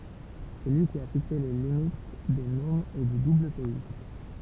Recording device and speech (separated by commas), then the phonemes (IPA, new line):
temple vibration pickup, read sentence
sɛ lyi ki a fikse le limit de nomz e dy dublpɛi